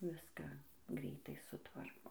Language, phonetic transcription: Lithuanian, ˈviską ˈgreitai suˈtvarko

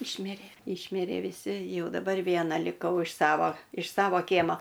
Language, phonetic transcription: Lithuanian, ˈišmirė ˈišmirė viˈsi ˈjau daˈbar ˈviena liˈkau iš ˈsavo iš ˈsavo ˈkiemo

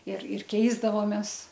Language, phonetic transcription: Lithuanian, ir ir ˈkeisdavomes

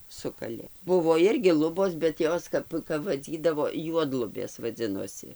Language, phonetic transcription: Lithuanian, ˈsukalė ˈbuvo ˈirgi ˈlubos bet ˈjos kap kap vaˈdzydavo ˈjuodlubės vaˈdzinosi

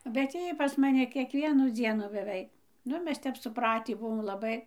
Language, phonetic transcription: Lithuanian, bet ˈjy pas maˈni kiekˈvienų ˈdzienu beˈvei ˈnu ˈmes ˈtep suˈpratį buˈvom laˈbai

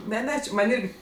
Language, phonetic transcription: Lithuanian, ˈne ˈne či ˈman' ˈirgi

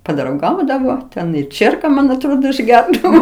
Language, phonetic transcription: Lithuanian, padrauˈgaudavo ˈten i ˈčierka ˈman atˈrodo išˈgerdavo

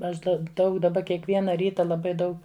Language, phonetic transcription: Lithuanian, ˈaš ˈda ˈdaug daˈba kiekˈviena ˈryta laˈbai ˈdaug

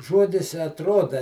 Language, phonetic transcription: Lithuanian, ˈžuodis i atˈruoda

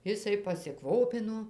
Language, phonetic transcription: Lithuanian, ˈisai pasiˈkvopino

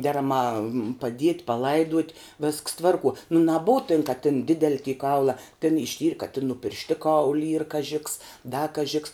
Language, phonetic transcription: Lithuanian, ˈderaˌmā paˈdiet' paˈlaiduot' visks ˈtvarˌkuo nu naˈbuu tin ka tin ˈdideli ty ˈkaula ten išˈtyr' ka tin nu piršˈtiˌkaul' yr kaˈži ks da kaˈži ks

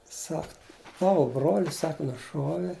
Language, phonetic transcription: Lithuanian, ˈsak ˈtavo bruol's' ˈsak nuˈšuove

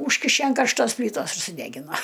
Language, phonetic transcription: Lithuanian, ˈūžkiše an karšˈtosˈplytos ir suˈdegino

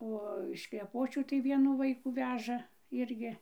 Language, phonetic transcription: Lithuanian, ˈo iš kleˈpočių tai ˈvienų ˈvaikų ˈveža ˈirgi

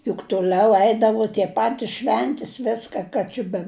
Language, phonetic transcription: Lithuanian, juk tuˈliau ˈeidavu tie ˈpatis ˈšventis ˈviska ˈka či be

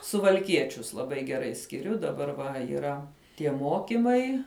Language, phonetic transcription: Lithuanian, suvalˈkiečius laˈbai geˈrai skiˈriu daˈbar va yˈra tie ˈmokimai

